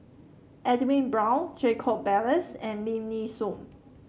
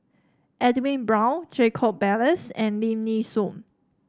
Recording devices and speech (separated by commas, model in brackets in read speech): mobile phone (Samsung C7), standing microphone (AKG C214), read sentence